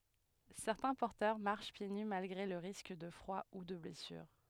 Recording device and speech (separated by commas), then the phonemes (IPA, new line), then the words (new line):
headset microphone, read sentence
sɛʁtɛ̃ pɔʁtœʁ maʁʃ pje ny malɡʁe lə ʁisk də fʁwa u də blɛsyʁ
Certains porteurs marchent pieds nus malgré le risque de froid ou de blessure.